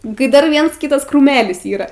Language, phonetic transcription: Lithuanian, kai ˈdar ˈviens ˈkytas kruˈmelis yˈra

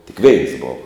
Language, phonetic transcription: Lithuanian, tik veins ˈbova

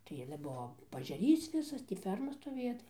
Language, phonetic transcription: Lithuanian, tai ˈale ˈbuo paažeˈrys ˈvisas tį ˈferma stoˈvėja tai

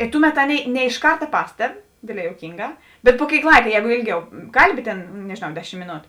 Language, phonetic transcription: Lithuanian, i ˈtuˌmet ˈaˌnėi ne iš ˈkarta ˈpasteb ˈdėdˌlē juoˈkynˌgā bet pu ˈkėik ˈlaika ˈjēgu ˈėlˌgiau ˈkalˌbi tėn nežėˈnau ˈdeˌšim mėˈnotu

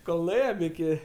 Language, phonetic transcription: Lithuanian, kol nuˈėjem iˈki

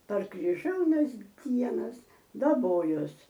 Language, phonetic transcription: Lithuanian, par kriˈžiaunas ˈdienas daˈbojos

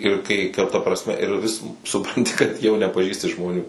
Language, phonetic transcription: Lithuanian, ir ˈkai kar ta ˈprasme ir vis suˈpranti kad jau nepaˈžįsti žmoˈnių

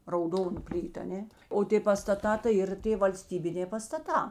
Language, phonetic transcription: Lithuanian, rauˈdonu ˈplytu aˈnė o ˈtė pastaˈtā tai ˈyr ˈtė valˈstybinė pastaˈtā

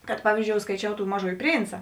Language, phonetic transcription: Lithuanian, kad ˈpavyzdžiou skaiˈčiau ˈtų ˈmaˌžųji ˈprynca

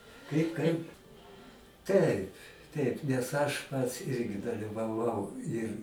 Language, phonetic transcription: Lithuanian, ˈkaip ˈkaip ˈtaip ˈtaip nes ˈaš ˈpats ˈirgi dalivaˈvau ir

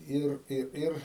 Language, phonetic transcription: Lithuanian, ˈir ˈir ˈir

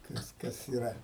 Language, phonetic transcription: Lithuanian, ˈkas ˈkas yˈra

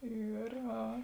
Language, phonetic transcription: Lithuanian, ˈyr ˈa

